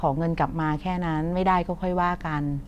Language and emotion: Thai, neutral